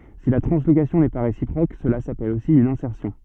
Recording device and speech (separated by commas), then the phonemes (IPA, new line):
soft in-ear microphone, read sentence
si la tʁɑ̃slokasjɔ̃ nɛ pa ʁesipʁok səla sapɛl osi yn ɛ̃sɛʁsjɔ̃